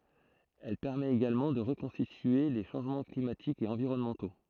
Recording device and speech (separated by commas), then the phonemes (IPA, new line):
throat microphone, read sentence
ɛl pɛʁmɛt eɡalmɑ̃ də ʁəkɔ̃stitye le ʃɑ̃ʒmɑ̃ klimatikz e ɑ̃viʁɔnmɑ̃to